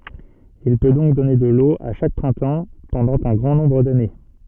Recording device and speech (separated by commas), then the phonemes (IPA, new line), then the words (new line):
soft in-ear microphone, read sentence
il pø dɔ̃k dɔne də lo a ʃak pʁɛ̃tɑ̃ pɑ̃dɑ̃ œ̃ ɡʁɑ̃ nɔ̃bʁ dane
Il peut donc donner de l'eau à chaque printemps pendant un grand nombre d'années.